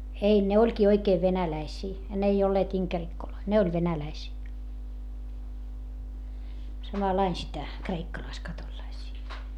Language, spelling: Finnish, ei ne olikin oikein venäläisiä ne ei olleet inkerikkoja ne oli venäläisiä samalla lailla sitä kreikkalaiskatolilaisia
- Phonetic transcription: ei , ne oĺkii oikeev venäläisii , n ‿ei olleet iŋkerikkoloi , ne oĺ venäläisii , samalain sitä , kreikkalaiskatolⁱlaisii .

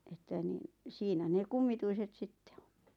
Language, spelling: Finnish, että niin siinä ne kummituiset sitten on
- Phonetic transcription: että niɴ , 'siinä ne "kummituiset 'sitte ᴏɴ .

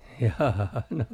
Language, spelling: Finnish, jaa no
- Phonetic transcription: jaa no .

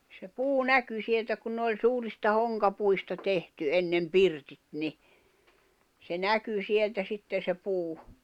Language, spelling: Finnish, se puu näkyi sieltä kun ne oli suurista honkapuista tehty ennen pirtit niin se näkyi sieltä sitten se puu
- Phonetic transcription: se 'puu "näky sieltä kun n ‿oĺ 'suurista 'hoŋkapuista 'tehty 'ennem "pirtit ni , se 'näky 'sieltä 'sitten̬ se puu .

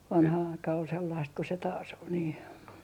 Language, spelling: Finnish, vanha aika oli sellaista kuin se taas oli niin
- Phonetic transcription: 'vanha 'aika ol sellaist ko se 'taas ‿ol nii .

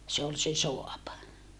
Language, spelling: Finnish, se oli se saava
- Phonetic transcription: se ol se soapa .

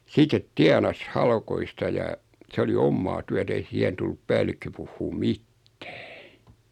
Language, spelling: Finnish, sitten tienasi haloista ja se oli omaa työtä ei siihen tullut päällikkö puhumaan mitään
- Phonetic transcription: 'sitet "tianas 'halkoista ja , 'se oli 'ommaa tyät ‿ei 'siɛhen tullup 'päällikkö puhhuum "mittᴀ̈ᴀ̈ .

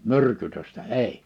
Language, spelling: Finnish, myrkytystä ei
- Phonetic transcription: myrkytöstä "èi .

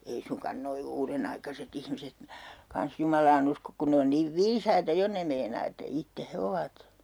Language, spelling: Finnish, ei suinkaan nuo uudenaikaiset ihmiset kanssa Jumalaan usko kun ne on niin viisaita jo ne meinaa että itse he ovat
- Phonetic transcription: 'ei suŋkan'noi "uurenaikase't ‿ihmiset , 'kans Jumalaa'n ‿uskok kun 'ne on niiv "viisaita 'jo 'ne meinaa että 'itte 'he ovat .

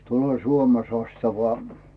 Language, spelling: Finnish, tulee Suomen sastava
- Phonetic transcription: 'tulloo "Suome 'sastava .

